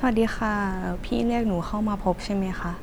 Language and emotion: Thai, neutral